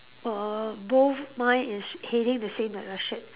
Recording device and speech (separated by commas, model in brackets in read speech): telephone, conversation in separate rooms